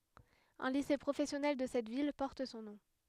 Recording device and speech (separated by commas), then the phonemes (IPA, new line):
headset microphone, read sentence
œ̃ lise pʁofɛsjɔnɛl də sɛt vil pɔʁt sɔ̃ nɔ̃